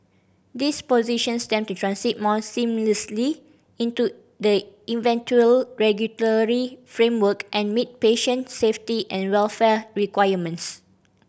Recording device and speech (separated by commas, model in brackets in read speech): boundary microphone (BM630), read sentence